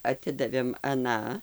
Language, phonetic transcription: Lithuanian, aˈtidavėm aˈną

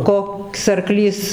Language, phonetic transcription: Lithuanian, ˈkoks arˈklys

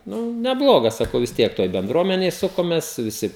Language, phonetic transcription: Lithuanian, ˈnu neˈblogas saˈkau vis ˈtiek ˈtoj benˈdruomenėj ˈsukomės viˈsi

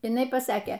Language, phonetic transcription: Lithuanian, iˈnai paˈsakė

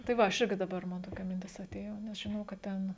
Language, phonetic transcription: Lithuanian, tai ˈva ˈaš ˈirgi daˈbar ˈman toˈkia minˈtis aˈtėjo nes žiˈnau kad ˈten

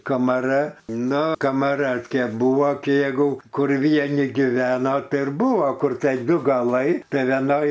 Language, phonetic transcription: Lithuanian, kamaˈra ˈnu kamaˈra t ˈkė ˈbūvo kė ˈjėgu ˈkur vieˈni giˈveno ˈtai ir ˈbūvo ˈkur tai ˈdu gaˈlai tai veˈnoj

